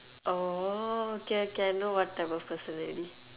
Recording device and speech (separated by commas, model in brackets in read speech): telephone, conversation in separate rooms